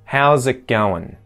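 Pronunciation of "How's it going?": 'How's it going?' is said really fast, in the correct version, with the little 'it' kept in.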